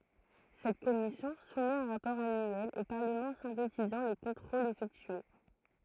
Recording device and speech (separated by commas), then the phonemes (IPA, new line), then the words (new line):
throat microphone, read sentence
sɛt kɔmisjɔ̃ sumɛt œ̃ ʁapɔʁ anyɛl o paʁləmɑ̃ sɛ̃tetizɑ̃ le kɔ̃tʁolz efɛktye
Cette commission soumet un rapport annuel au Parlement synthétisant les contrôles effectués.